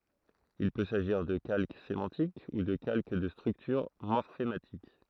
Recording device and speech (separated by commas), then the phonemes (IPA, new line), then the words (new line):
throat microphone, read sentence
il pø saʒiʁ də kalk semɑ̃tik u də kalk də stʁyktyʁ mɔʁfematik
Il peut s’agir de calque sémantique ou de calque de structure morphématique.